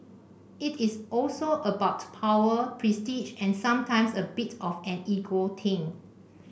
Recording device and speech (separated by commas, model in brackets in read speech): boundary microphone (BM630), read sentence